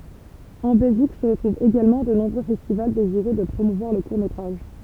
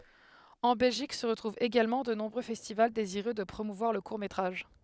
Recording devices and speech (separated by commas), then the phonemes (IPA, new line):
temple vibration pickup, headset microphone, read sentence
ɑ̃ bɛlʒik sə ʁətʁuvt eɡalmɑ̃ də nɔ̃bʁø fɛstival deziʁø də pʁomuvwaʁ lə kuʁ metʁaʒ